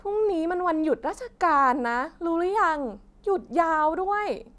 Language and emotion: Thai, frustrated